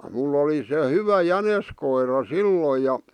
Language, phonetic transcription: Finnish, mull ‿oli se 'hyvä 'jäneskoira "silloj ja ,.
- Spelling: minulla oli se hyvä jäniskoira silloin ja

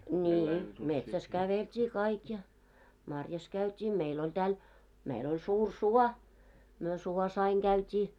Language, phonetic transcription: Finnish, nii₍i , 'metsäs 'kävelt́ii 'kaik ja , 'marjas 'käyt́ii , 'meil ‿oĺ tääl , meil oĺ 'suur "suɔ , myö 'suɔs ‿aiŋ 'ɢäyt́ii .
- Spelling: niin metsässä käveltiin kaikki ja marjassa käytiin meillä oli täällä meillä oli suuri suo me suossa aina käytiin

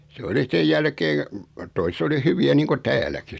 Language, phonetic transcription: Finnish, se 'oli 'sej jälkee , 'toise t ‿o li 'hyvi₍ä niiŋku "tääläki .
- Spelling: se oli sen jälkeen toiset - - oli hyviä niin kuin täälläkin

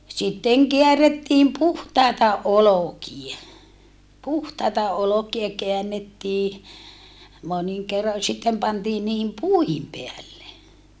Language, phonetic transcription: Finnish, sitteŋ keärettiim puhtàeta olokie puhtaita olokie keännettii , moniŋ kerro ja sittem pantiin niihim puihim peälle .
- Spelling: sitten käärittiin puhtaita olkia puhtaita olkia käännettiin monin kerroin ja sitten pantiin niiden puiden päälle

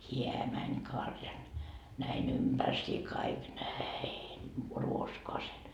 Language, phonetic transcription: Finnish, "hiä mäń 'karjan , näi'n ‿ympärsii kaik "näin , 'ruoskoasen .
- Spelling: hän meni karjan näin ympärsiin kaikki näin ruoskaansa

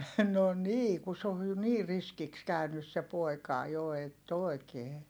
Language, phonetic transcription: Finnish, no nii ku se oj jo niir̆ riskiks käynys se pòi̮kà jo ett ‿òi̮kee .
- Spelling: no niin kun se on jo niin riskiksi käynyt se poika jo että oikein

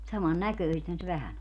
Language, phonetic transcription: Finnish, 'saman "näkö̀ⁱsethän se 'vähän ‿o .
- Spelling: saman näköisethän se vähän on

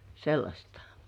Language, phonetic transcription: Finnish, sellaśtᴀ .
- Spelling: sellaista

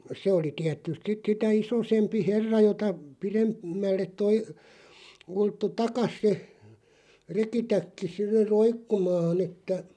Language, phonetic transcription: Finnish, 'se oli 'tiät̆tyst sit 'sitä "isosempi 'herra jota , 'pirem- , -mälleᵗ toi , 'ulttu "takas se , 'rekitäkki si(ller) "roikkumaan ‿että ,.
- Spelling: se oli tietysti sitten sitä isompi herra jota - pidemmälle tuo ulottui taa se rekitäkki sille roikkumaan että

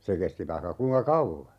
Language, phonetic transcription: Finnish, se 'kesti 'vaihka 'kuiŋka "kauvva .
- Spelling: se kesti vaikka kuinka kauan

